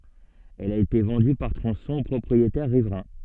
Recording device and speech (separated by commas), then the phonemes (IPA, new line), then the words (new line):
soft in-ear microphone, read sentence
ɛl a ete vɑ̃dy paʁ tʁɔ̃sɔ̃z o pʁɔpʁietɛʁ ʁivʁɛ̃
Elle a été vendue par tronçons aux propriétaires riverains.